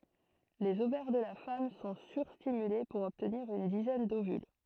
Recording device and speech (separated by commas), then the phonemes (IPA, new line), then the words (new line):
throat microphone, read sentence
lez ovɛʁ də la fam sɔ̃ syʁstimyle puʁ ɔbtniʁ yn dizɛn dovyl
Les ovaires de la femme sont sur-stimulés pour obtenir une dizaine d'ovules.